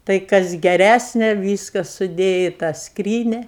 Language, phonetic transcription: Lithuanian, ˈtai kas geˈræsnia ˈvyska suˈdėja i tą ˈskrynia

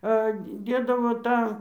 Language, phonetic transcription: Lithuanian, ˈa ˈdėdavo ˈtą

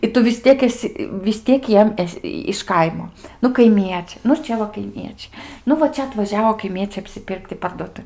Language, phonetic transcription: Lithuanian, i ˈtu vis ˈtiek eˈsi vis ˈtiek ˈjiem ˈesi iš ˈkaimo ˈnu kaiˈmiečiai nu ˈčia va kaiˈmiečiai ˈnu va ˈčia atvaˈžiavo kaiˈmieciai apsiˈpirkt i parduoˈtu

